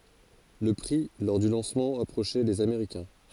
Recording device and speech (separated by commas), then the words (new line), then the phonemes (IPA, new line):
forehead accelerometer, read sentence
Le prix lors du lancement approchait les américain.
lə pʁi lɔʁ dy lɑ̃smɑ̃ apʁoʃɛ lez ameʁikɛ̃